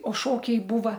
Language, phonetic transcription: Lithuanian, o ˈšokiai ˈbūva

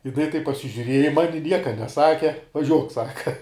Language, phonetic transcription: Lithuanian, jiˈnai taip pasižiuˈrieja i ˈmani ˈnieka neˈsake vaˈžiuok ˈsaka

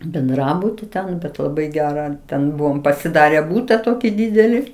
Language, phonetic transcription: Lithuanian, benˈdrabuti ten bet laˈbai ˈgerą ˈten ˈbuvom pasiˈdare ˈbūta ˈtoki ˈdydeli

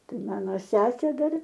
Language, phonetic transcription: Lithuanian, ˈtai ˈmano ˈsesė ˈdar

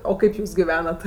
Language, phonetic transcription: Lithuanian, o ˈkaip ˈjūs giˈvenat

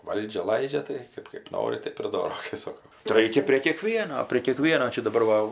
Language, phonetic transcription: Lithuanian, ˈvaldžia ˈlaidžia tai ˈkɜp kɜp ˈnori ˈtɜp ir ˈdoro kai ˈsoko tai ˈraikia prė kieˈkvieno prie kieˈkvieno ˈčia daˈbar va

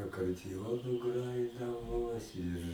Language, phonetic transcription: Lithuanian, akardiˈjonu ˈgrajidavo ˈir

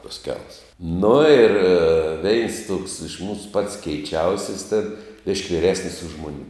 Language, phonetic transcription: Lithuanian, tas ˈkels nu ir ˈveins tuoks iš ˈmūsu pats keiˈčiausis tėn biš'k' viˈresnis už ˈmun'

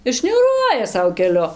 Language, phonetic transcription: Lithuanian, ir šniūˈruoja ˈsau keˈliu

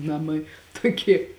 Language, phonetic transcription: Lithuanian, ˈnamai ˈtoˌkie

